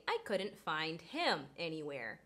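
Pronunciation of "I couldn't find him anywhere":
The h in 'him' is pronounced and not dropped, so 'find him' keeps its H sound.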